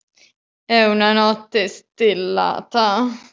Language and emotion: Italian, disgusted